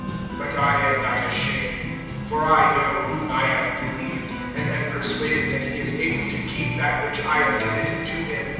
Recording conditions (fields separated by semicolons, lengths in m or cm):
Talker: one person; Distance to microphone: 7.1 m; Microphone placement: far; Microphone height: 1.7 m; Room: very reverberant, large; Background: music